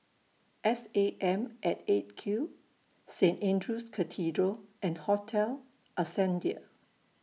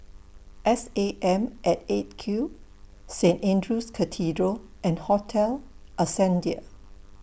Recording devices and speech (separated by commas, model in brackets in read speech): mobile phone (iPhone 6), boundary microphone (BM630), read sentence